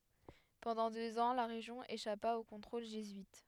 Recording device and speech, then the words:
headset microphone, read sentence
Pendant deux ans, la région échappa au contrôle jésuite.

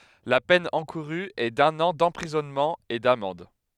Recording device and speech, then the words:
headset microphone, read sentence
La peine encourue est d'un an d'emprisonnement et d'amende.

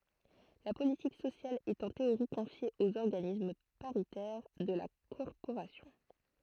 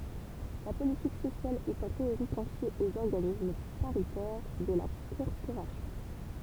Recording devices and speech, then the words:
throat microphone, temple vibration pickup, read sentence
La politique sociale est en théorie confiée aux organismes paritaires de la corporation.

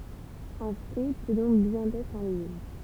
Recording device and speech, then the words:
temple vibration pickup, read sentence
Un fruit peut donc bien être un légume.

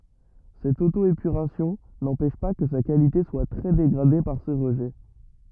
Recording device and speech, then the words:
rigid in-ear microphone, read sentence
Cette auto-épuration n'empêche pas que sa qualité soit très dégradée par ces rejets.

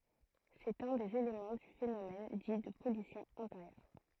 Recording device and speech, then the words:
throat microphone, read sentence
C'est un des éléments du phénomène dit de pollution intérieure.

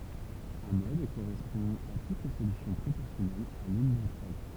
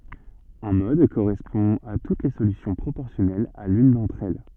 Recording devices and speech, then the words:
temple vibration pickup, soft in-ear microphone, read sentence
Un mode correspond à toutes les solutions proportionnelles à l'une d'entre elles.

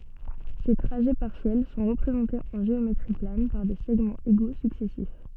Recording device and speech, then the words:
soft in-ear microphone, read sentence
Ces trajets partiels sont représentés en géométrie plane par des segments égaux successifs.

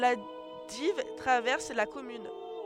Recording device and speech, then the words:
headset microphone, read sentence
La Dives traverse la commune.

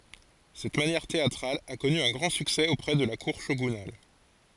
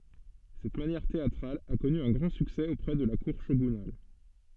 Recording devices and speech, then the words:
forehead accelerometer, soft in-ear microphone, read sentence
Cette manière théâtrale a connu un grand succès auprès de la cour shogunale.

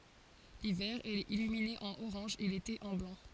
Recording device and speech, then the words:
forehead accelerometer, read sentence
L'hiver, elle est illuminée en orange et l'été en blanc.

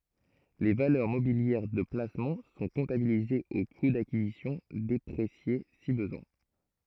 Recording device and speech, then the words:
throat microphone, read sentence
Les valeurs mobilières de placement sont comptabilisées au coût d'acquisition déprécié si besoin.

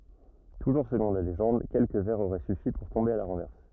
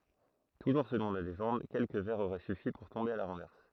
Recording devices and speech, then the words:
rigid in-ear microphone, throat microphone, read sentence
Toujours selon la légende, quelques verres auraient suffi pour tomber à la renverse.

